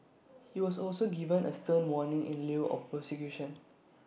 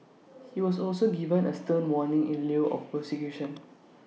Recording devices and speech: boundary microphone (BM630), mobile phone (iPhone 6), read sentence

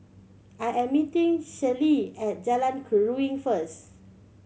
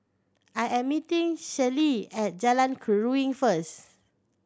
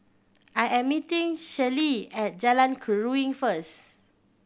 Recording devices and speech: mobile phone (Samsung C7100), standing microphone (AKG C214), boundary microphone (BM630), read sentence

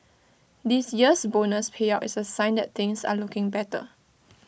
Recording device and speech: boundary microphone (BM630), read sentence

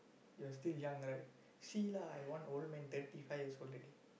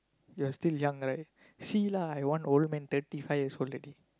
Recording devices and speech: boundary microphone, close-talking microphone, conversation in the same room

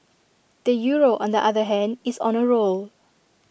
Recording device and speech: boundary microphone (BM630), read sentence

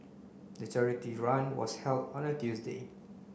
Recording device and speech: boundary microphone (BM630), read sentence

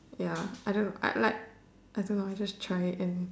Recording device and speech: standing microphone, conversation in separate rooms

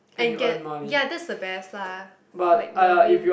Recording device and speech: boundary microphone, conversation in the same room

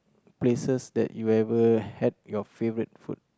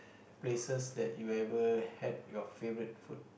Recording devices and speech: close-talking microphone, boundary microphone, conversation in the same room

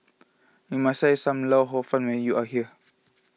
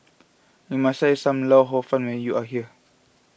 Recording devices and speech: mobile phone (iPhone 6), boundary microphone (BM630), read sentence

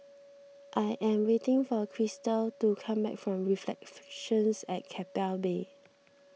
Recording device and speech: mobile phone (iPhone 6), read sentence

